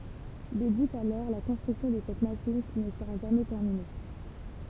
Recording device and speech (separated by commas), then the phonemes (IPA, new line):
temple vibration pickup, read sentence
debyt alɔʁ la kɔ̃stʁyksjɔ̃ də sɛt maʃin ki nə səʁa ʒamɛ tɛʁmine